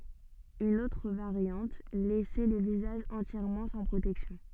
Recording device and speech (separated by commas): soft in-ear microphone, read sentence